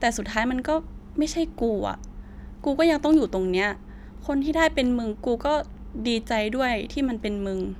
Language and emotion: Thai, frustrated